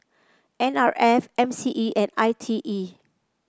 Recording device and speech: close-talking microphone (WH30), read sentence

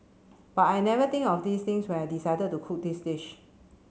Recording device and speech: mobile phone (Samsung C7), read sentence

